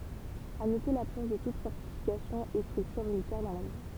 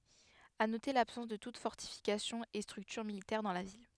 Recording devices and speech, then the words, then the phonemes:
temple vibration pickup, headset microphone, read sentence
À noter l’absence de toute fortification et structure militaire dans la ville.
a note labsɑ̃s də tut fɔʁtifikasjɔ̃ e stʁyktyʁ militɛʁ dɑ̃ la vil

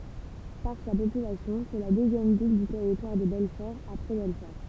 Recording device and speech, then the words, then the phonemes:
temple vibration pickup, read sentence
Par sa population, c'est la deuxième ville du Territoire de Belfort après Belfort.
paʁ sa popylasjɔ̃ sɛ la døzjɛm vil dy tɛʁitwaʁ də bɛlfɔʁ apʁɛ bɛlfɔʁ

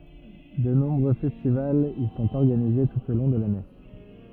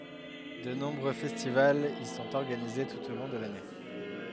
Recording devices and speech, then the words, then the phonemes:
rigid in-ear microphone, headset microphone, read sentence
De nombreux festivals y sont organisés tout au long de l'année.
də nɔ̃bʁø fɛstivalz i sɔ̃t ɔʁɡanize tut o lɔ̃ də lane

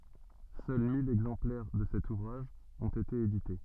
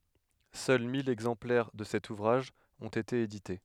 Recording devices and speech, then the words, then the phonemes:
soft in-ear microphone, headset microphone, read sentence
Seuls mille exemplaires de cet ouvrage ont été édités.
sœl mil ɛɡzɑ̃plɛʁ də sɛt uvʁaʒ ɔ̃t ete edite

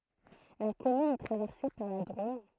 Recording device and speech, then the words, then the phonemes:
throat microphone, read sentence
La commune est traversée par la Drôme.
la kɔmyn ɛ tʁavɛʁse paʁ la dʁom

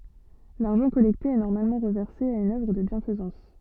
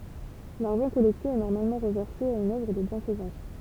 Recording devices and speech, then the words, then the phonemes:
soft in-ear microphone, temple vibration pickup, read sentence
L’argent collecté est normalement reversé à une œuvre de bienfaisance.
laʁʒɑ̃ kɔlɛkte ɛ nɔʁmalmɑ̃ ʁəvɛʁse a yn œvʁ də bjɛ̃fəzɑ̃s

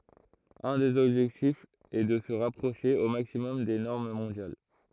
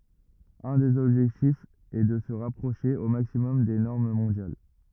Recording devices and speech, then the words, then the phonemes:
throat microphone, rigid in-ear microphone, read sentence
Un des objectifs est de se rapprocher au maximum des normes mondiales.
œ̃ dez ɔbʒɛktifz ɛ də sə ʁapʁoʃe o maksimɔm de nɔʁm mɔ̃djal

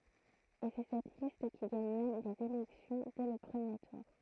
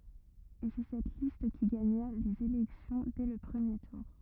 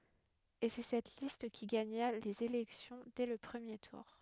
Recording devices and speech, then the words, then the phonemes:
throat microphone, rigid in-ear microphone, headset microphone, read sentence
Et c'est cette liste qui gagna les élections dès le premier tour.
e sɛ sɛt list ki ɡaɲa lez elɛksjɔ̃ dɛ lə pʁəmje tuʁ

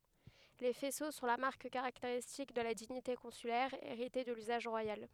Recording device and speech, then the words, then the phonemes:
headset microphone, read sentence
Les faisceaux sont la marque caractéristique de la dignité consulaire, héritée de l'usage royal.
le fɛso sɔ̃ la maʁk kaʁakteʁistik də la diɲite kɔ̃sylɛʁ eʁite də lyzaʒ ʁwajal

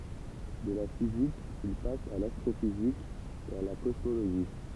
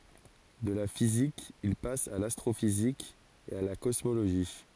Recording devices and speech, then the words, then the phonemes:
temple vibration pickup, forehead accelerometer, read sentence
De la physique, il passe à l'astrophysique et à la cosmologie.
də la fizik il pas a lastʁofizik e a la kɔsmoloʒi

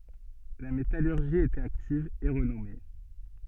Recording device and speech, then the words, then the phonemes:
soft in-ear microphone, read sentence
La métallurgie y était active et renommée.
la metalyʁʒi i etɛt aktiv e ʁənɔme

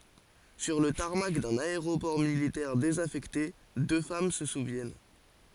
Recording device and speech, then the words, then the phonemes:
forehead accelerometer, read sentence
Sur le tarmac d'un aéroport militaire désaffecté, deux femmes se souviennent.
syʁ lə taʁmak dœ̃n aeʁopɔʁ militɛʁ dezafɛkte dø fam sə suvjɛn

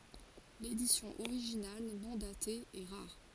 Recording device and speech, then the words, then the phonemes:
forehead accelerometer, read sentence
L'édition originale, non datée, est rare.
ledisjɔ̃ oʁiʒinal nɔ̃ date ɛ ʁaʁ

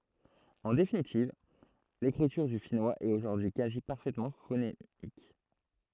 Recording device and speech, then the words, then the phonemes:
throat microphone, read sentence
En définitive, l'écriture du finnois est aujourd'hui quasi parfaitement phonémique.
ɑ̃ definitiv lekʁityʁ dy finwaz ɛt oʒuʁdyi y kazi paʁfɛtmɑ̃ fonemik

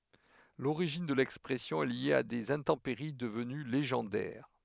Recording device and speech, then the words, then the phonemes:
headset microphone, read sentence
L'origine de l'expression est liée à des intempéries devenues légendaires:.
loʁiʒin də lɛkspʁɛsjɔ̃ ɛ lje a dez ɛ̃tɑ̃peʁi dəvəny leʒɑ̃dɛʁ

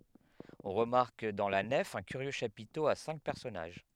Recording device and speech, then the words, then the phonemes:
headset microphone, read sentence
On remarque dans la nef un curieux chapiteau à cinq personnages.
ɔ̃ ʁəmaʁk dɑ̃ la nɛf œ̃ kyʁjø ʃapito a sɛ̃k pɛʁsɔnaʒ

